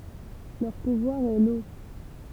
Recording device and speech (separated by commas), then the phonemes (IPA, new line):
temple vibration pickup, read sentence
lœʁ puvwaʁ ɛ lo